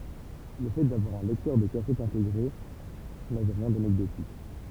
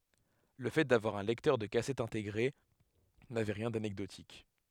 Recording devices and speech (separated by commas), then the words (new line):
temple vibration pickup, headset microphone, read sentence
Le fait d'avoir un lecteur de cassette intégré n'avait rien d'anecdotique.